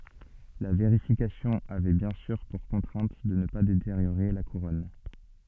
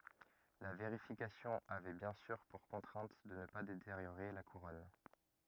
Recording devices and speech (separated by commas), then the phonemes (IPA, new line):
soft in-ear microphone, rigid in-ear microphone, read sentence
la veʁifikasjɔ̃ avɛ bjɛ̃ syʁ puʁ kɔ̃tʁɛ̃t də nə pa deteʁjoʁe la kuʁɔn